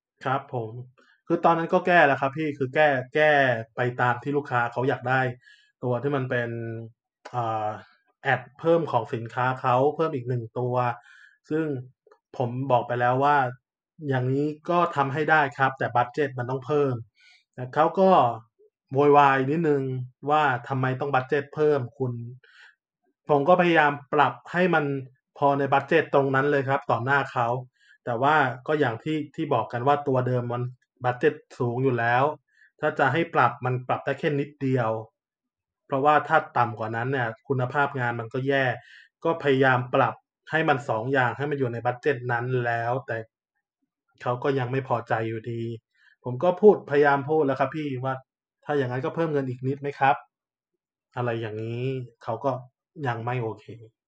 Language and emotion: Thai, frustrated